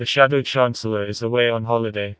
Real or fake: fake